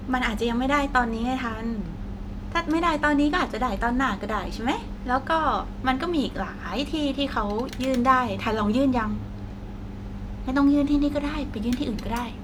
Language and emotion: Thai, happy